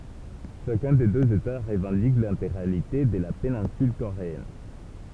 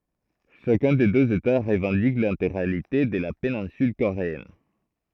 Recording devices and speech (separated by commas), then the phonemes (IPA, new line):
temple vibration pickup, throat microphone, read sentence
ʃakœ̃ de døz eta ʁəvɑ̃dik lɛ̃teɡʁalite də la penɛ̃syl koʁeɛn